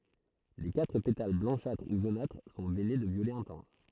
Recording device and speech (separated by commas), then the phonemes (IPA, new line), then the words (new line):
throat microphone, read sentence
le katʁ petal blɑ̃ʃatʁ u ʒonatʁ sɔ̃ vɛne də vjolɛ ɛ̃tɑ̃s
Les quatre pétales blanchâtres ou jaunâtres sont veinés de violet intense.